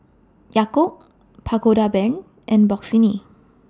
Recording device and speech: standing microphone (AKG C214), read sentence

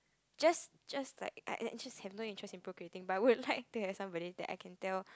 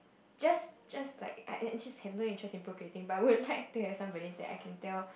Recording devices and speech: close-talking microphone, boundary microphone, conversation in the same room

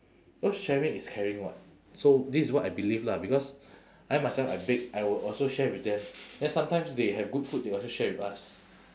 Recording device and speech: standing microphone, conversation in separate rooms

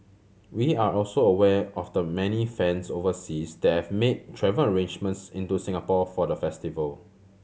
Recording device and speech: mobile phone (Samsung C7100), read sentence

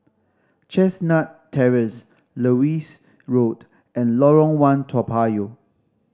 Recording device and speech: standing microphone (AKG C214), read sentence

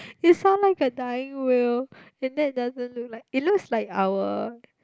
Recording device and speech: close-talking microphone, conversation in the same room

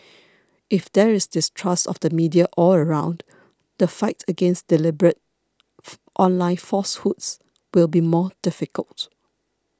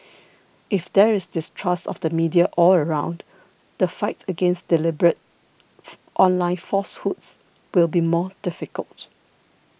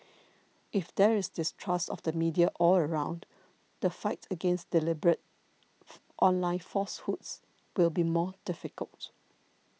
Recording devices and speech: standing microphone (AKG C214), boundary microphone (BM630), mobile phone (iPhone 6), read sentence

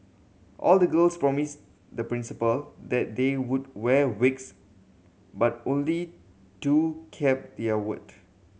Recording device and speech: mobile phone (Samsung C7100), read sentence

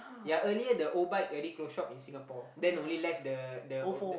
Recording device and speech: boundary microphone, conversation in the same room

